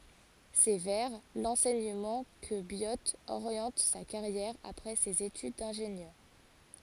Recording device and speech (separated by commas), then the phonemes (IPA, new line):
forehead accelerometer, read sentence
sɛ vɛʁ lɑ̃sɛɲəmɑ̃ kə bjo oʁjɑ̃t sa kaʁjɛʁ apʁɛ sez etyd dɛ̃ʒenjœʁ